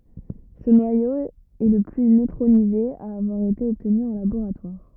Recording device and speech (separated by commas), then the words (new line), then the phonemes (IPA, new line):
rigid in-ear microphone, read sentence
Ce noyau est le plus neutronisé à avoir été obtenu en laboratoire.
sə nwajo ɛ lə ply nøtʁonize a avwaʁ ete ɔbtny ɑ̃ laboʁatwaʁ